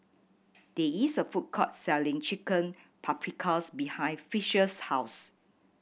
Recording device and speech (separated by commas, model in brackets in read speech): boundary microphone (BM630), read sentence